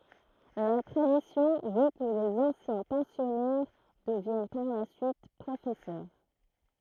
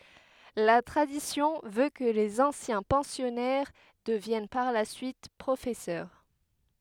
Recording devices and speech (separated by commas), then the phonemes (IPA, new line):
throat microphone, headset microphone, read sentence
la tʁadisjɔ̃ vø kə lez ɑ̃sjɛ̃ pɑ̃sjɔnɛʁ dəvjɛn paʁ la syit pʁofɛsœʁ